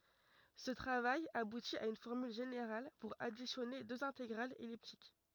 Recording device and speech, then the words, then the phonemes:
rigid in-ear microphone, read sentence
Ce travail aboutit à une formule générale pour additionner deux intégrales elliptiques.
sə tʁavaj abuti a yn fɔʁmyl ʒeneʁal puʁ adisjɔne døz ɛ̃teɡʁalz ɛliptik

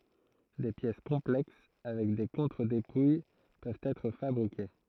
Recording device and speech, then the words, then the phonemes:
throat microphone, read sentence
Des pièces complexes avec des contre-dépouilles peuvent être fabriquées.
de pjɛs kɔ̃plɛks avɛk de kɔ̃tʁədepuj pøvt ɛtʁ fabʁike

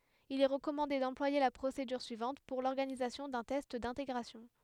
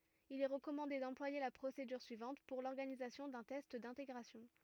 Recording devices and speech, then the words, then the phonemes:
headset microphone, rigid in-ear microphone, read sentence
Il est recommandé d'employer la procédure suivante pour l'organisation d'un test d’intégration.
il ɛ ʁəkɔmɑ̃de dɑ̃plwaje la pʁosedyʁ syivɑ̃t puʁ lɔʁɡanizasjɔ̃ dœ̃ tɛst dɛ̃teɡʁasjɔ̃

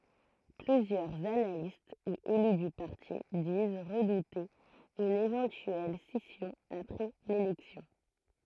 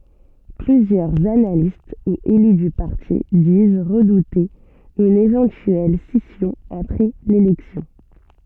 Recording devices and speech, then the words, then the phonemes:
throat microphone, soft in-ear microphone, read sentence
Plusieurs analystes ou élus du parti disent redouter une éventuelle scission après l'élection.
plyzjœʁz analist u ely dy paʁti diz ʁədute yn evɑ̃tyɛl sisjɔ̃ apʁɛ lelɛksjɔ̃

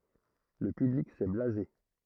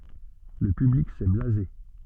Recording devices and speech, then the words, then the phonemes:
throat microphone, soft in-ear microphone, read sentence
Le public s'est blasé.
lə pyblik sɛ blaze

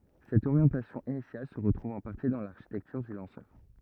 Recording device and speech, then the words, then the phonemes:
rigid in-ear microphone, read sentence
Cette orientation initiale se retrouve en partie dans l'architecture du lanceur.
sɛt oʁjɑ̃tasjɔ̃ inisjal sə ʁətʁuv ɑ̃ paʁti dɑ̃ laʁʃitɛktyʁ dy lɑ̃sœʁ

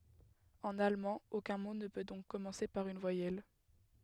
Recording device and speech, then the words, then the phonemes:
headset microphone, read sentence
En allemand, aucun mot ne peut donc commencer par une voyelle.
ɑ̃n almɑ̃ okœ̃ mo nə pø dɔ̃k kɔmɑ̃se paʁ yn vwajɛl

